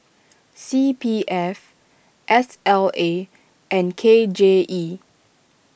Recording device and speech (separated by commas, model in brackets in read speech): boundary microphone (BM630), read sentence